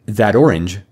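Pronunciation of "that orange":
In 'that orange', the final t of 'that' sounds like a d, and the two words sound like one word.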